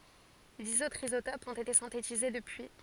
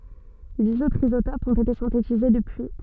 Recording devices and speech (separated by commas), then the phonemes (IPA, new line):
forehead accelerometer, soft in-ear microphone, read sentence
diz otʁz izotopz ɔ̃t ete sɛ̃tetize dəpyi